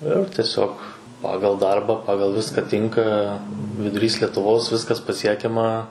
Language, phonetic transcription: Lithuanian, ir tieˈsiog ˈpagal ˈdarbą ˈpagal ˈviska ˈtinka viduˈrys lietuˈvos ˈviskas paˈsiekiama

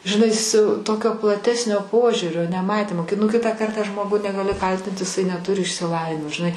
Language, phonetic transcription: Lithuanian, žiˈnai siu ˈtokio plaˈtesnio ˈpožiūrio neˈmatymo ki nu nu ˈkitą ˈkartą ˈžmogu negaˈli ˈkaltint iˈsai neˈturi išsiˈlavinimo žiˈnai

